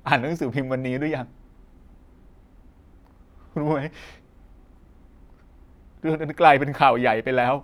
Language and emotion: Thai, sad